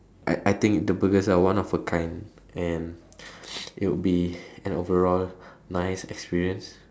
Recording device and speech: standing microphone, conversation in separate rooms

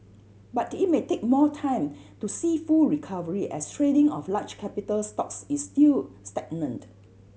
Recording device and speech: mobile phone (Samsung C7100), read sentence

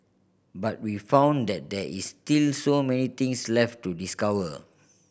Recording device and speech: boundary microphone (BM630), read sentence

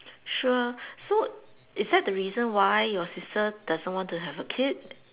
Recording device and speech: telephone, conversation in separate rooms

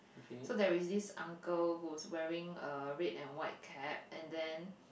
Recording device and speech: boundary microphone, conversation in the same room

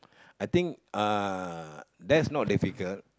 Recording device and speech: close-talking microphone, conversation in the same room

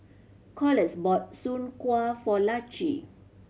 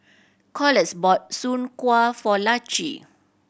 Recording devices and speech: mobile phone (Samsung C7100), boundary microphone (BM630), read sentence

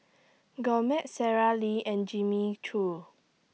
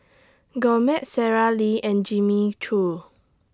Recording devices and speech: mobile phone (iPhone 6), standing microphone (AKG C214), read sentence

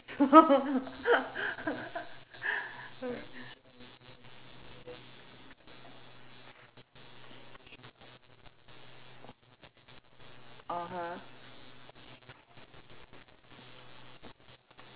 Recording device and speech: telephone, conversation in separate rooms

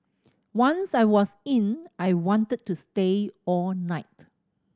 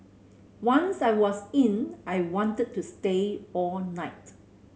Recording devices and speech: standing microphone (AKG C214), mobile phone (Samsung C7100), read sentence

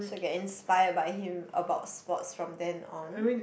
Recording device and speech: boundary microphone, conversation in the same room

